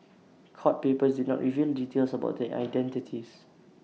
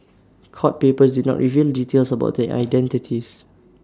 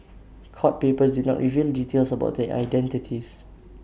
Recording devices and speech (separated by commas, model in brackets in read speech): mobile phone (iPhone 6), standing microphone (AKG C214), boundary microphone (BM630), read sentence